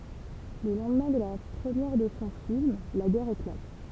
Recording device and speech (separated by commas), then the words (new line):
temple vibration pickup, read sentence
Le lendemain de la première de son film, la guerre éclate.